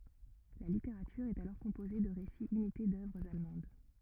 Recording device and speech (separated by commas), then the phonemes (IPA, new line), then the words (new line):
rigid in-ear microphone, read sentence
la liteʁatyʁ ɛt alɔʁ kɔ̃poze də ʁesiz imite dœvʁz almɑ̃d
La littérature est alors composée de récits imités d’œuvres allemandes.